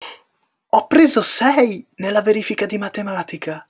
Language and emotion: Italian, surprised